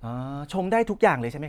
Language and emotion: Thai, happy